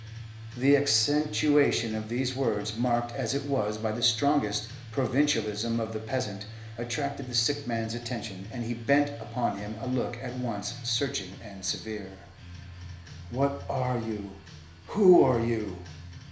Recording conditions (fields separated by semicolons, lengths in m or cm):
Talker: one person; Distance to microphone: 1.0 m; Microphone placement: close; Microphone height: 1.1 m; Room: small (3.7 m by 2.7 m); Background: music